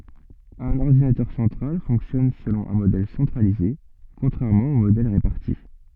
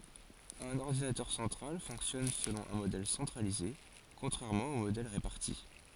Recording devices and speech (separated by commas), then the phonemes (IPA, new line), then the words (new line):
soft in-ear microphone, forehead accelerometer, read sentence
œ̃n ɔʁdinatœʁ sɑ̃tʁal fɔ̃ksjɔn səlɔ̃ œ̃ modɛl sɑ̃tʁalize kɔ̃tʁɛʁmɑ̃ o modɛl ʁepaʁti
Un ordinateur central fonctionne selon un modèle centralisé, contrairement aux modèles répartis.